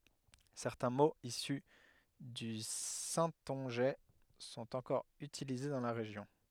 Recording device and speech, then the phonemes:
headset microphone, read sentence
sɛʁtɛ̃ moz isy dy sɛ̃tɔ̃ʒɛ sɔ̃t ɑ̃kɔʁ ytilize dɑ̃ la ʁeʒjɔ̃

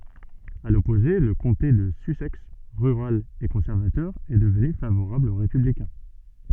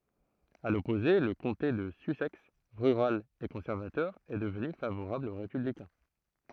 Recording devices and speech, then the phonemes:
soft in-ear microphone, throat microphone, read sentence
a lɔpoze lə kɔ̃te də sysɛks ʁyʁal e kɔ̃sɛʁvatœʁ ɛ dəvny favoʁabl o ʁepyblikɛ̃

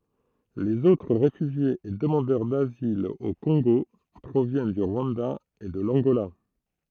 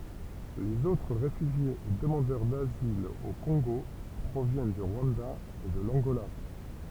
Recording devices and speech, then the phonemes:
throat microphone, temple vibration pickup, read sentence
lez otʁ ʁefyʒjez e dəmɑ̃dœʁ dazil o kɔ̃ɡo pʁovjɛn dy ʁwɑ̃da e də lɑ̃ɡola

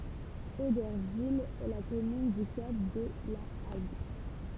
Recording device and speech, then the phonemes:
temple vibration pickup, read sentence
odɛʁvil ɛ la kɔmyn dy kap də la aɡ

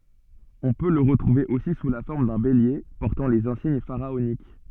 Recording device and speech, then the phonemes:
soft in-ear microphone, read sentence
ɔ̃ pø lə ʁətʁuve osi su la fɔʁm dœ̃ belje pɔʁtɑ̃ lez ɛ̃siɲ faʁaonik

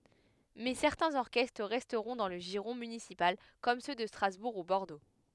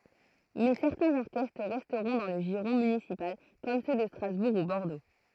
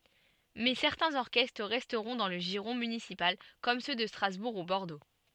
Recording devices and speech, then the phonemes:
headset microphone, throat microphone, soft in-ear microphone, read sentence
mɛ sɛʁtɛ̃z ɔʁkɛstʁ ʁɛstʁɔ̃ dɑ̃ lə ʒiʁɔ̃ mynisipal kɔm sø də stʁazbuʁ u bɔʁdo

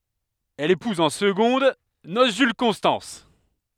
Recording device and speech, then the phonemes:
headset microphone, read sentence
ɛl epuz ɑ̃ səɡɔ̃d nos ʒyl kɔ̃stɑ̃s

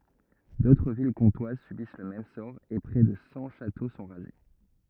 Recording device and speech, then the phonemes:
rigid in-ear microphone, read sentence
dotʁ vil kɔ̃twaz sybis lə mɛm sɔʁ e pʁɛ də sɑ̃ ʃato sɔ̃ ʁaze

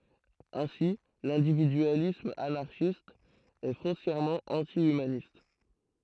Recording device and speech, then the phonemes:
throat microphone, read sentence
ɛ̃si lɛ̃dividyalism anaʁʃist ɛ fɔ̃sjɛʁmɑ̃ ɑ̃ti ymanist

